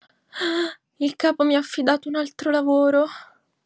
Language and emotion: Italian, fearful